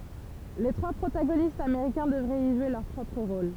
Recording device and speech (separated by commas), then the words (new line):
temple vibration pickup, read sentence
Les trois protagonistes américains devraient y jouer leur propre rôle.